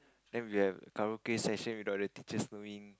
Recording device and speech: close-talking microphone, conversation in the same room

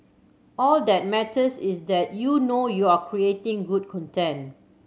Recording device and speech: mobile phone (Samsung C7100), read sentence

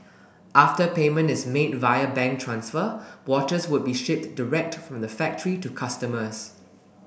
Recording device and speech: boundary microphone (BM630), read sentence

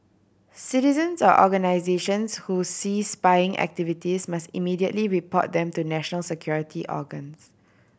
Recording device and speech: boundary microphone (BM630), read sentence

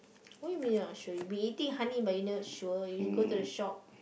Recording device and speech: boundary microphone, conversation in the same room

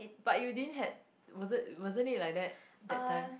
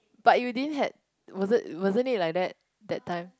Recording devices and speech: boundary microphone, close-talking microphone, conversation in the same room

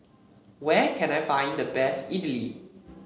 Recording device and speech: mobile phone (Samsung C7), read sentence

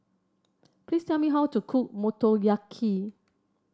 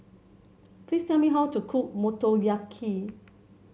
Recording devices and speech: standing microphone (AKG C214), mobile phone (Samsung C7), read sentence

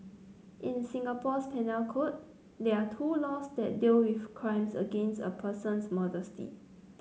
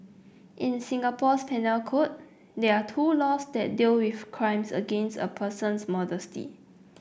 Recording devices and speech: mobile phone (Samsung C9), boundary microphone (BM630), read sentence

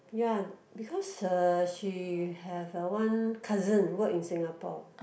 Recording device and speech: boundary microphone, conversation in the same room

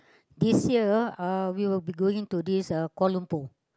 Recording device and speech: close-talking microphone, conversation in the same room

